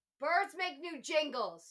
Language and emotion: English, angry